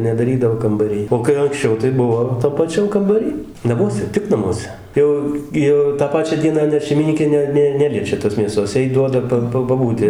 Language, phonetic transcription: Lithuanian, nedaˈrydavo kambaˈrij o kai anksˈčiau tai ˈbuvo tam paˈčiam kambaˈry naˈmuose ˈtik naˈmuose ˈjau gi ˈjau tą ˈpačią ˈdieną ˈnet šeimiˈnykė ˈne ˈne ˈneliečia tos mėˈsos ˈjai ˈduoda pa ˈpa paˈbūti

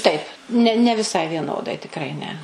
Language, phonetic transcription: Lithuanian, taip ne ne viˈsai vieˈnodai tikˈrai ne

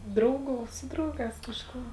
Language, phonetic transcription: Lithuanian, ˈdrauˌgų ˈsu drauˌgās kažˈkų

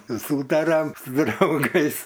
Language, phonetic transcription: Lithuanian, ˈsūtariam su drauˈgais

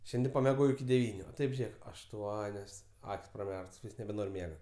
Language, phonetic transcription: Lithuanian, ˈšiandi pameˈgojau iki deˈvyniu o ˈtaip ˈžėk ašˈtuonios ˈak's' praˈmerktos ˈvysks nebeˈnor' ˈmiega

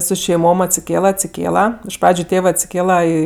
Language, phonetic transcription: Lithuanian, su šeiˈmom atsiˈkėla atsiˈkėla iš ˈpradžiu ˈtėvɜ atsiˈkėla į

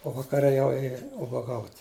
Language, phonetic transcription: Lithuanian, o vakaˈre jau ˈėja ubaˈgaut'

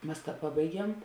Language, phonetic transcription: Lithuanian, ˈmas ˈpabaiˌgiem

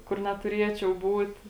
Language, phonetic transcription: Lithuanian, kur netuˈriečiau ˈbūt

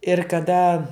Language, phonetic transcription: Lithuanian, ir kaˈda

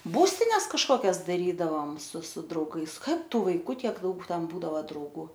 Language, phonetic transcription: Lithuanian, ˈbūstines kažkoˈkias daˈrydavom su su drauˈgais ˈkad ˈtų vaiˈkų ˈtiek ˈdaug ˈten ˈbūdava drauˈgų

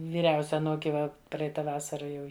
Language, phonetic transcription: Lithuanian, vyˈriausia aˈnūki ˈva ˈpraita ˈvasara ˈjau

